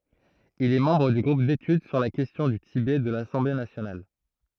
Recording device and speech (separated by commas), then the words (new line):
throat microphone, read sentence
Il est membre du groupe d'études sur la question du Tibet de l'Assemblée nationale.